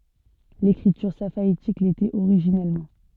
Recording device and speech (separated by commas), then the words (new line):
soft in-ear microphone, read sentence
L'écriture safaïtique l'était originellement.